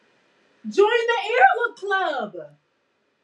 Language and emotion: English, happy